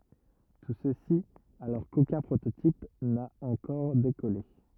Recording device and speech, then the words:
rigid in-ear microphone, read sentence
Tout ceci alors qu'aucun prototype n'a encore décollé.

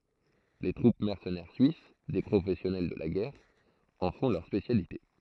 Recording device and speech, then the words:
throat microphone, read sentence
Les troupes mercenaires suisses, des professionnels de la guerre, en font leur spécialité.

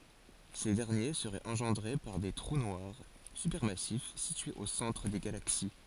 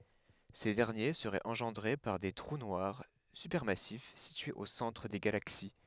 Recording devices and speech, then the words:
forehead accelerometer, headset microphone, read sentence
Ces derniers seraient engendrés par des trous noirs supermassifs situés au centre des galaxies.

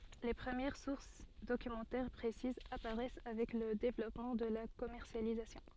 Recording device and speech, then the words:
soft in-ear microphone, read sentence
Les premières sources documentaires précises apparaissent avec le développement de la commercialisation.

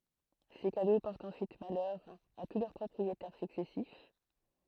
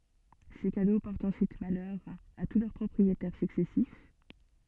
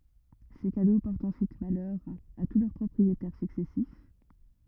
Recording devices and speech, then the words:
throat microphone, soft in-ear microphone, rigid in-ear microphone, read sentence
Ces cadeaux portent ensuite malheur à tous leurs propriétaires successifs.

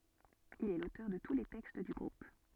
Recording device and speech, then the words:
soft in-ear microphone, read sentence
Il est l'auteur de tous les textes du groupe.

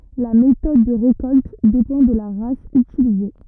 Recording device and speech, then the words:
rigid in-ear microphone, read sentence
La méthode de récolte dépend de la race utilisée.

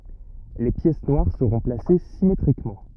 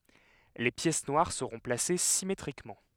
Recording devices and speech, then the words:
rigid in-ear microphone, headset microphone, read sentence
Les pièces noires seront placées symétriquement.

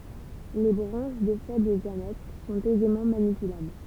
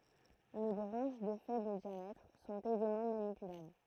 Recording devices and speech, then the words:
temple vibration pickup, throat microphone, read sentence
Les branches de faible diamètre sont aisément manipulables.

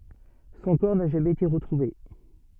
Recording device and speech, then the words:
soft in-ear microphone, read sentence
Son corps n'a jamais été retrouvé.

